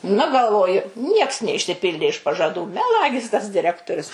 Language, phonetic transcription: Lithuanian, nu galˈvoju ˈnieks neišsiˈpildė iš pažaˈdų meˈlagis tas diˈrektorius

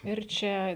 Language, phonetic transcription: Lithuanian, ir ˈčia

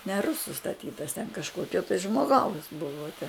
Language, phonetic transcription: Lithuanian, ne ˈrusu staˈtytas ten kažˈkokio tai žmoˈgaus ˈbuvo te

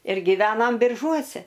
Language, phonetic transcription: Lithuanian, ir giˈvenam birˈžuose

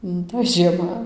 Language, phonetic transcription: Lithuanian, nu toj žieˈma

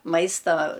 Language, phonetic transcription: Lithuanian, ˈmaista

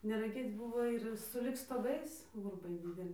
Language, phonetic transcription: Lithuanian, neraˈgėc ˈbuvo ir suˈlig stoˈgais gurˈbai dideˈli

